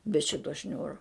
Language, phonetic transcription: Lithuanian, be ˈšito ˈšniūro

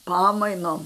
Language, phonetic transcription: Lithuanian, ˈpamainom

